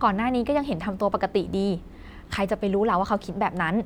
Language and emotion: Thai, frustrated